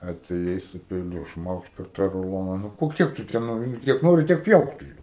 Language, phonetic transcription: Lithuanian, atėˈjai su peiˈliu ˈšmaukšt per tą ruˈlona ˈnu o ˈkiek tu te ˈnori nu kiek ˈnori tiek ˈpjauk tu ˈjo

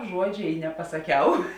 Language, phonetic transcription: Lithuanian, ˈžuodžė i nepasaˈkiau

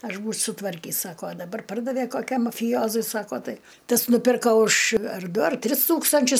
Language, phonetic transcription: Lithuanian, ˈaš būč' sutˈvarkys ˈsako a daˈbar ˈpardave koˈkiam mafiˈjozui ˈsako ˈtai ˈtas nuˈpirka už ar ˈdu ar ˈtris ˈtūkstančius

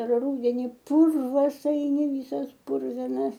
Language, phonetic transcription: Lithuanian, ˈrūdeni ˈpurvas aiˈni ˈvysas ˈpurvinas

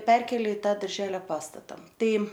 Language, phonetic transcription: Lithuanian, ˈperkėlė i ˈtą darˈželio ˈpastata ˈtai

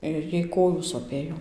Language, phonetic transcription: Lithuanian, ir ˈjai ˈkojų soˈpėjo

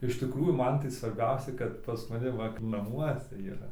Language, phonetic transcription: Lithuanian, iš tiˈkrųjų ˈman tai svarˈbiausiai kad pas maˈni va naˈmuose yˈra

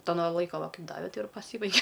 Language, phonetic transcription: Lithuanian, ˈto no ˈlaiko va ˈkaip ˈdave ˈtai ir paˈsybaige

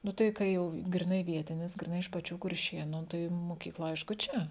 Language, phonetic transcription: Lithuanian, ˈnu tai ˈka jau griˈnai ˈvietinis griˈnai iš paˈčių kurˈšėnu ˈtai mokykˈla ˈaišku ˈčia

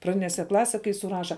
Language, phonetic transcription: Lithuanian, praˈdinėse ˈklase kai suˈraša

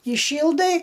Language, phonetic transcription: Lithuanian, įˈšyldai

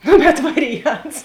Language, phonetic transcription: Lithuanian, ˈnu bet ˈvariˌjants

